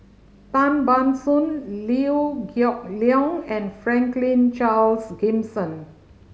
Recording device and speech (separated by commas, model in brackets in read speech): mobile phone (Samsung C5010), read sentence